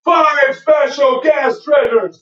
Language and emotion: English, neutral